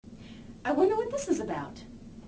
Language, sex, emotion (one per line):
English
female
neutral